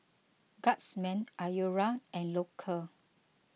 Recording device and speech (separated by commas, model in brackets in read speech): mobile phone (iPhone 6), read sentence